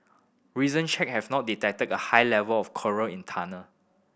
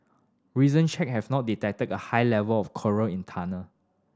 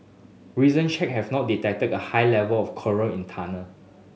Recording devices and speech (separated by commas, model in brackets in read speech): boundary microphone (BM630), standing microphone (AKG C214), mobile phone (Samsung S8), read sentence